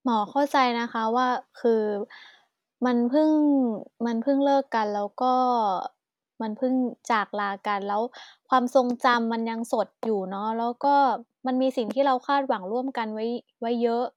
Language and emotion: Thai, frustrated